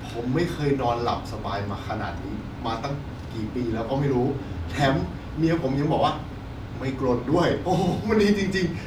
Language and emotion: Thai, happy